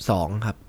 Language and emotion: Thai, neutral